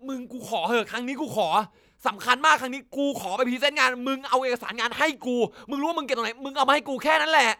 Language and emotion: Thai, angry